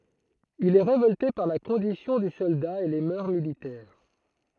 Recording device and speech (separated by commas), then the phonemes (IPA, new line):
throat microphone, read sentence
il ɛ ʁevɔlte paʁ la kɔ̃disjɔ̃ dy sɔlda e le mœʁ militɛʁ